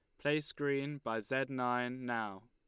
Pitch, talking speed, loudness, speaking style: 125 Hz, 160 wpm, -37 LUFS, Lombard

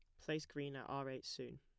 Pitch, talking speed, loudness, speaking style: 135 Hz, 260 wpm, -46 LUFS, plain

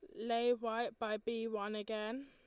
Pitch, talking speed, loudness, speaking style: 225 Hz, 175 wpm, -39 LUFS, Lombard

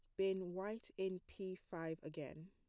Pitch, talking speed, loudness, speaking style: 185 Hz, 160 wpm, -46 LUFS, plain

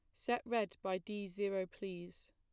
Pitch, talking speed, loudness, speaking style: 195 Hz, 170 wpm, -40 LUFS, plain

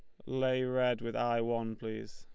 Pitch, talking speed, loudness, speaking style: 115 Hz, 195 wpm, -34 LUFS, Lombard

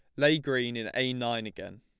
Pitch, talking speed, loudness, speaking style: 125 Hz, 225 wpm, -29 LUFS, plain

